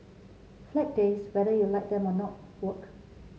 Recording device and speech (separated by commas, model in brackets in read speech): mobile phone (Samsung C7), read sentence